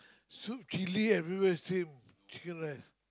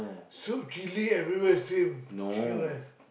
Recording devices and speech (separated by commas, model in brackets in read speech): close-talking microphone, boundary microphone, conversation in the same room